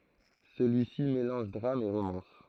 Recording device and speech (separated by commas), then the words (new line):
throat microphone, read sentence
Celui-ci mélange drame et romance.